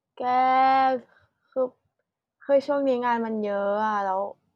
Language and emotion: Thai, frustrated